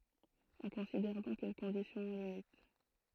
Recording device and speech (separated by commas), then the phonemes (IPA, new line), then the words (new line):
throat microphone, read sentence
ɔ̃ kɔ̃sidɛʁ dɔ̃k yn kɔ̃disjɔ̃ o limit
On considère donc une condition aux limites.